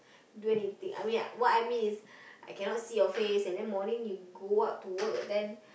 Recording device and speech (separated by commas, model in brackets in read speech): boundary microphone, conversation in the same room